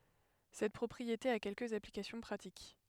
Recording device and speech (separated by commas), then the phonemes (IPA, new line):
headset microphone, read sentence
sɛt pʁɔpʁiete a kɛlkəz aplikasjɔ̃ pʁatik